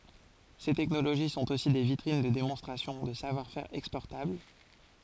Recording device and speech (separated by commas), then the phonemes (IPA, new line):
forehead accelerometer, read sentence
se tɛknoloʒi sɔ̃t osi de vitʁin də demɔ̃stʁasjɔ̃ də savwaʁ fɛʁ ɛkspɔʁtabl